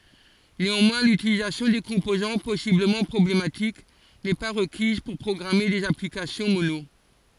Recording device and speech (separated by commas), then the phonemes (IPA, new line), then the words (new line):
forehead accelerometer, read sentence
neɑ̃mwɛ̃ lytilizasjɔ̃ de kɔ̃pozɑ̃ pɔsibləmɑ̃ pʁɔblematik nɛ pa ʁəkiz puʁ pʁɔɡʁame dez aplikasjɔ̃ mono
Néanmoins, l'utilisation des composants possiblement problématiques n'est pas requise pour programmer des applications Mono.